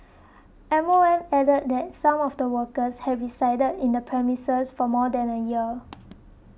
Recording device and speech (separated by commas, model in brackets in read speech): boundary microphone (BM630), read sentence